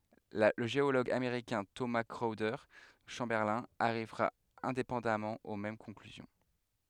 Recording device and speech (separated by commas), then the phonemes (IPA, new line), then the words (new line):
headset microphone, read sentence
lə ʒeoloɡ ameʁikɛ̃ toma kʁɔwde ʃɑ̃bɛʁlɛ̃ aʁivʁa ɛ̃depɑ̃damɑ̃ o mɛm kɔ̃klyzjɔ̃
Le géologue américain Thomas Chrowder Chamberlin arrivera indépendamment aux mêmes conclusions.